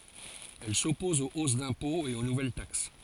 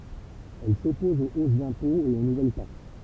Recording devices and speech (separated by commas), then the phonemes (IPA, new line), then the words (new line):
forehead accelerometer, temple vibration pickup, read sentence
ɛl sɔpɔz o os dɛ̃pɔ̃z e o nuvɛl taks
Elle s'oppose aux hausses d'impôts et aux nouvelles taxes.